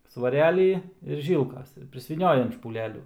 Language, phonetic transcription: Lithuanian, svaˈrelį ir ˈžylkas ir prisvyˈniojam špūˈlelių

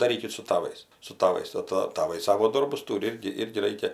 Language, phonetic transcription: Lithuanian, daˈrykit su taˈvais su taˈvais ˈtɜ ta taˈvai ˈsavo ˈdorbus ˈtūri ˈirgi ˈirgi ˈraikia

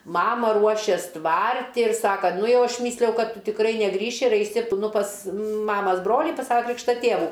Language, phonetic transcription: Lithuanian, ˈmama ˈruošės ˈtvarti ir ˈsaka ˈnu ˈjau ˈaš ˈmyslijau ˈkad ˈtu tikˈrai neˈgrįši ir ˈaisi p nu pas ˈmamas ˈbrolį pas ˈsava ˈkrykšta ˈtėvų

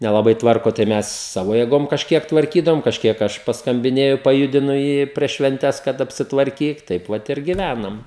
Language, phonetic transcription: Lithuanian, nelaˈbai ˈtvarko tai ˈmes ˈsavo jėˈgom kažˈkiek tvarˈkydavom kažˈkiek ˈaš paskamˈbinėju paˈjudinu ˈjį prieš švenˈtes kad apsitvarˈkyk ˈtaip vat ir giˈvænam

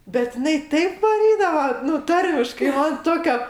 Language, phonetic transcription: Lithuanian, bet iˈnai ˈtaip vaˈrydava ˈnu ˈtarmiškai ˈman ˈtokia

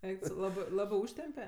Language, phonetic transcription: Lithuanian, ˈeik tu ˈsau ˈlabɜ ˈlabɜ ˈūžtempe

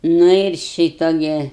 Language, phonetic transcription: Lithuanian, ˈnu ir ˈšyto gi

